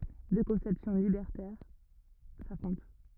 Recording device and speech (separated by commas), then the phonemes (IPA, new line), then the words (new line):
rigid in-ear microphone, read sentence
dø kɔ̃sɛpsjɔ̃ libɛʁtɛʁ safʁɔ̃t
Deux conceptions libertaires s'affrontent.